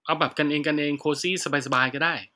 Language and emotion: Thai, neutral